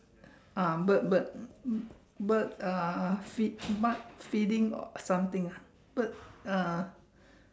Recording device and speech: standing microphone, conversation in separate rooms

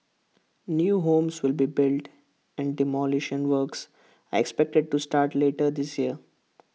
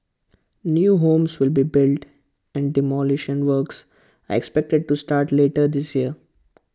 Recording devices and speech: mobile phone (iPhone 6), close-talking microphone (WH20), read sentence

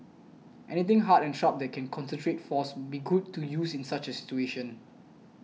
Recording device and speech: mobile phone (iPhone 6), read sentence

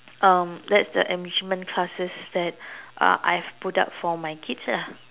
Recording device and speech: telephone, conversation in separate rooms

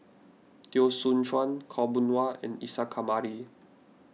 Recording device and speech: mobile phone (iPhone 6), read sentence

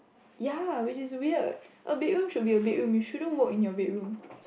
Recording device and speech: boundary microphone, conversation in the same room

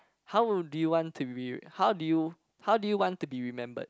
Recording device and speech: close-talking microphone, conversation in the same room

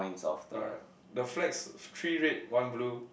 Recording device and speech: boundary microphone, conversation in the same room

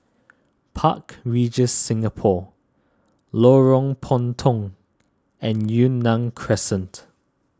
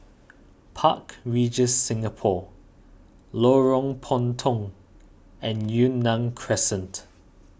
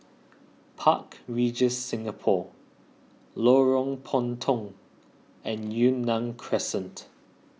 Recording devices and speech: standing microphone (AKG C214), boundary microphone (BM630), mobile phone (iPhone 6), read sentence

